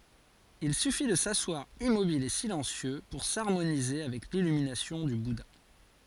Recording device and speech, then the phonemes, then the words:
forehead accelerometer, read sentence
il syfi də saswaʁ immobil e silɑ̃sjø puʁ saʁmonize avɛk lilyminasjɔ̃ dy buda
Il suffit de s’asseoir immobile et silencieux pour s'harmoniser avec l'illumination du Bouddha.

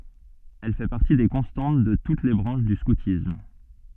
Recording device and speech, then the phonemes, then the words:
soft in-ear microphone, read sentence
ɛl fɛ paʁti de kɔ̃stɑ̃t də tut le bʁɑ̃ʃ dy skutism
Elle fait partie des constantes de toutes les branches du scoutisme.

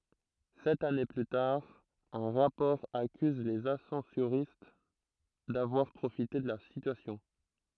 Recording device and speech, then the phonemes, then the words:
throat microphone, read sentence
sɛt ane ply taʁ œ̃ ʁapɔʁ akyz lez asɑ̃soʁist davwaʁ pʁofite də la sityasjɔ̃
Sept années plus tard, un rapport accuse les ascensoristes d'avoir profité de la situation.

